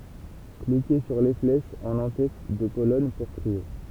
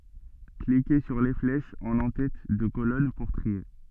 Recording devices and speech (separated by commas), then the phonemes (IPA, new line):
temple vibration pickup, soft in-ear microphone, read sentence
klike syʁ le flɛʃz ɑ̃n ɑ̃tɛt də kolɔn puʁ tʁie